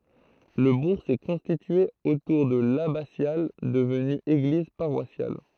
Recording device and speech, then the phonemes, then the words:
throat microphone, read sentence
lə buʁ sɛ kɔ̃stitye otuʁ də labasjal dəvny eɡliz paʁwasjal
Le bourg s'est constitué autour de l'abbatiale devenue église paroissiale.

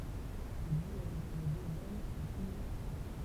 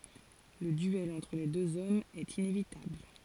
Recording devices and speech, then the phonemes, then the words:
temple vibration pickup, forehead accelerometer, read sentence
lə dyɛl ɑ̃tʁ le døz ɔmz ɛt inevitabl
Le duel entre les deux hommes est inévitable.

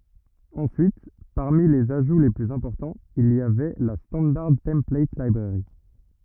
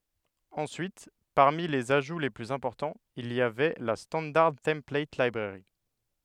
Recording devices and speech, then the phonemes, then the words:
rigid in-ear microphone, headset microphone, read sentence
ɑ̃syit paʁmi lez aʒu le plyz ɛ̃pɔʁtɑ̃z il i avɛ la stɑ̃daʁ tɑ̃plat libʁɛʁi
Ensuite, parmi les ajouts les plus importants, il y avait la Standard Template Library.

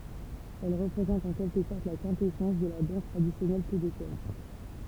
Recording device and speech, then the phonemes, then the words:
temple vibration pickup, read sentence
ɛl ʁəpʁezɑ̃t ɑ̃ kɛlkə sɔʁt la kɛ̃tɛsɑ̃s də la dɑ̃s tʁadisjɔnɛl kebekwaz
Elle représente en quelque sorte la quintessence de la danse traditionnelle québécoise.

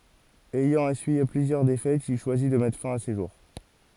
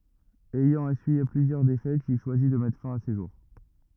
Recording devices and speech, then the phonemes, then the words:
forehead accelerometer, rigid in-ear microphone, read sentence
ɛjɑ̃ esyije plyzjœʁ defɛtz il ʃwazi də mɛtʁ fɛ̃ a se ʒuʁ
Ayant essuyé plusieurs défaites, il choisit de mettre fin à ses jours.

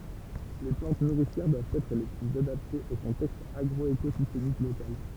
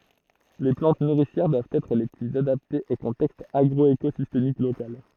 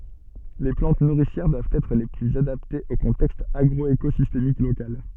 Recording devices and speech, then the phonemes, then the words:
temple vibration pickup, throat microphone, soft in-ear microphone, read sentence
le plɑ̃t nuʁisjɛʁ dwavt ɛtʁ le plyz adaptez o kɔ̃tɛkst aɡʁɔekozistemik lokal
Les plantes nourricières doivent être les plus adaptées au contexte agroécosystémique local.

